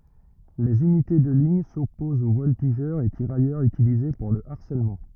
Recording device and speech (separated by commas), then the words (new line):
rigid in-ear microphone, read sentence
Les unités de ligne s'opposent aux voltigeurs et tirailleurs utilisés pour le harcèlement.